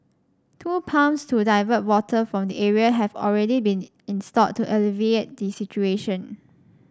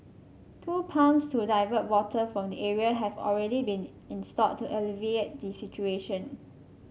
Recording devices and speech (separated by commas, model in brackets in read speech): standing microphone (AKG C214), mobile phone (Samsung C5), read sentence